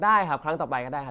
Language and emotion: Thai, frustrated